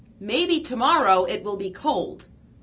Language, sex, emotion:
English
female
disgusted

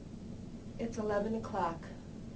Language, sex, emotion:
English
female
neutral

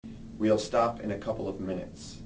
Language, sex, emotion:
English
male
neutral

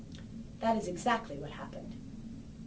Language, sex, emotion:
English
female
neutral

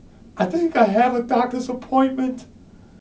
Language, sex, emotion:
English
male
fearful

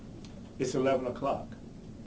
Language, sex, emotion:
English
male
neutral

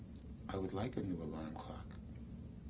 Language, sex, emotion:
English
male
neutral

